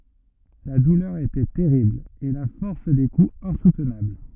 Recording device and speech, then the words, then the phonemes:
rigid in-ear microphone, read sentence
La douleur était terrible, et la force des coups insoutenable.
la dulœʁ etɛ tɛʁibl e la fɔʁs de kuz ɛ̃sutnabl

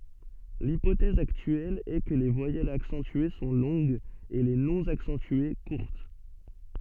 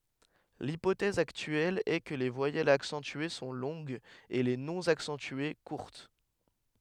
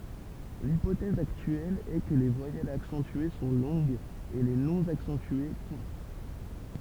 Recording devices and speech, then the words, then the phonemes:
soft in-ear microphone, headset microphone, temple vibration pickup, read sentence
L'hypothèse actuelle est que les voyelles accentuées sont longues et les non accentuées courtes.
lipotɛz aktyɛl ɛ kə le vwajɛlz aksɑ̃tye sɔ̃ lɔ̃ɡz e le nɔ̃ aksɑ̃tye kuʁt

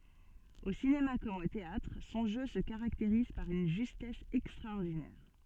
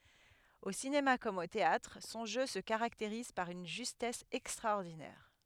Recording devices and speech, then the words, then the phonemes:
soft in-ear microphone, headset microphone, read sentence
Au cinéma comme au théâtre, son jeu se caractérise par une justesse extraordinaire.
o sinema kɔm o teatʁ sɔ̃ ʒø sə kaʁakteʁiz paʁ yn ʒystɛs ɛkstʁaɔʁdinɛʁ

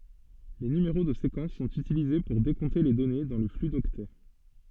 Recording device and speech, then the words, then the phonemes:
soft in-ear microphone, read sentence
Les numéros de séquence sont utilisés pour décompter les données dans le flux d'octets.
le nymeʁo də sekɑ̃s sɔ̃t ytilize puʁ dekɔ̃te le dɔne dɑ̃ lə fly dɔktɛ

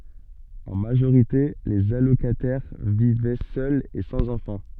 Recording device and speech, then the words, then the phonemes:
soft in-ear microphone, read sentence
En majorité, les allocataires vivaient seuls et sans enfants.
ɑ̃ maʒoʁite lez alokatɛʁ vivɛ sœlz e sɑ̃z ɑ̃fɑ̃

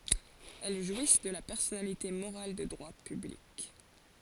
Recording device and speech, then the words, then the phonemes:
forehead accelerometer, read sentence
Elles jouissent de la personnalité morale de droit public.
ɛl ʒwis də la pɛʁsɔnalite moʁal də dʁwa pyblik

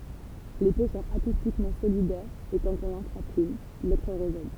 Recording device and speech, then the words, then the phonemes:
temple vibration pickup, read sentence
Les peaux sont acoustiquement solidaires et quand on en frappe une, l'autre résonne.
le po sɔ̃t akustikmɑ̃ solidɛʁz e kɑ̃t ɔ̃n ɑ̃ fʁap yn lotʁ ʁezɔn

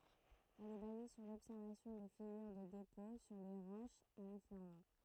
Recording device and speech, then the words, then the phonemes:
throat microphone, read sentence
Elle est basée sur l'observation des figures de dépôt sur les roches à l'affleurement.
ɛl ɛ baze syʁ lɔbsɛʁvasjɔ̃ de fiɡyʁ də depɔ̃ syʁ le ʁoʃz a lafløʁmɑ̃

